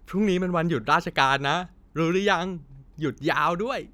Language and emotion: Thai, happy